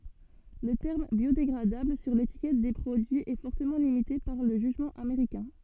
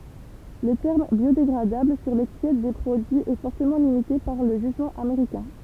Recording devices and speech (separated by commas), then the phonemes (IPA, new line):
soft in-ear microphone, temple vibration pickup, read sentence
lə tɛʁm bjodeɡʁadabl syʁ letikɛt de pʁodyiz ɛ fɔʁtəmɑ̃ limite paʁ lə ʒyʒmɑ̃ ameʁikɛ̃